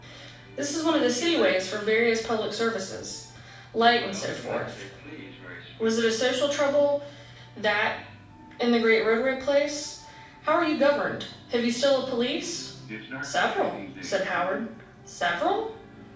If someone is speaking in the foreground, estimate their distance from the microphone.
5.8 m.